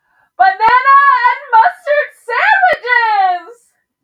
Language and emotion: English, happy